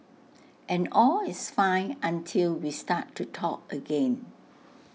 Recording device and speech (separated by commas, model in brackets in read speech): mobile phone (iPhone 6), read sentence